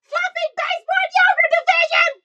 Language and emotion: English, surprised